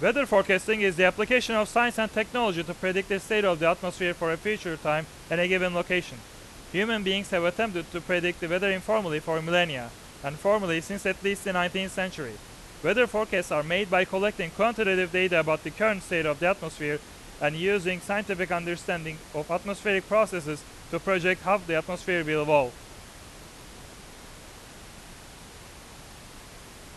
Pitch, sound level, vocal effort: 180 Hz, 97 dB SPL, very loud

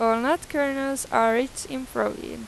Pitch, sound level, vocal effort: 260 Hz, 90 dB SPL, normal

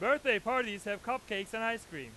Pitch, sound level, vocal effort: 225 Hz, 104 dB SPL, very loud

